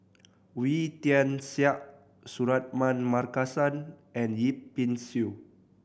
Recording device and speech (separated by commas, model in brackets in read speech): boundary microphone (BM630), read sentence